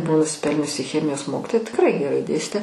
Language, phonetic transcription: Lithuanian, ˈbuvo nusiˈpelniusi ˈchemijos ˈmokitoja tikˈrai geˈrai ˈdėstė

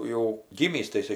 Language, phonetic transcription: Lithuanian, jau ˈgymįs tai iˈsai

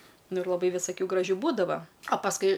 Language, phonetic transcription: Lithuanian, ˈnu ir laˈbai visaˈkių graˈžių ˈbūdava a pasˈkui

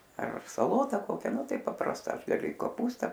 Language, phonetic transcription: Lithuanian, ar saˈlota ˈkokia ˈnu ˈtai paprasˈta ˈaš gaˈliu i koˈpūsta

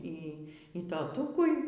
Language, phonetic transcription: Lithuanian, ˈy y toˈtukui

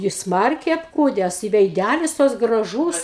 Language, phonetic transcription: Lithuanian, jis ˈsmarkiai apˈkūdes i veiˈdælis toks graˈžūs

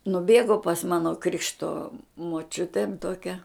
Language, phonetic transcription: Lithuanian, nuˈbėgo pas ˈmano ˈkrikšto moˈčiutėn toˈkia

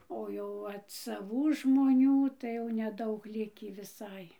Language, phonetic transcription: Lithuanian, o ˈjau ˈvat saˈvų žmoˈnių tai jau neˈdaug ˈlikį viˈsai

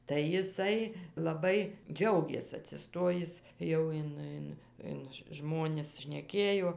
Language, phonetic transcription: Lithuanian, tai jiˈsai laˈbai ˈdžiaugės atsiˈstojis ˈjau in ˈin in ˈžmonis šneˈkėjo

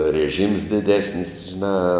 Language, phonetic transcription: Lithuanian, reˈžyms diˈdesnis žiˈnā

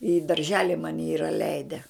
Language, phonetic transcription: Lithuanian, i darˈželi ˈmani ˈyra ˈleide

